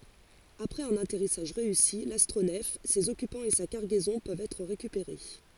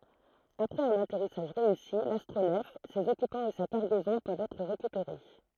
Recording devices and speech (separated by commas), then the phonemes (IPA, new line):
forehead accelerometer, throat microphone, read sentence
apʁɛz œ̃n atɛʁisaʒ ʁeysi lastʁonɛf sez ɔkypɑ̃z e sa kaʁɡɛzɔ̃ pøvt ɛtʁ ʁekypeʁe